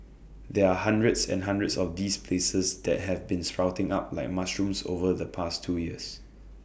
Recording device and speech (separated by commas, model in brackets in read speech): boundary microphone (BM630), read sentence